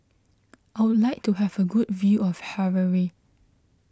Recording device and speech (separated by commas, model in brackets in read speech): close-talking microphone (WH20), read sentence